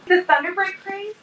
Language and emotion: English, surprised